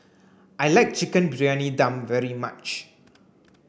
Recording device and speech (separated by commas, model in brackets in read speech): boundary microphone (BM630), read sentence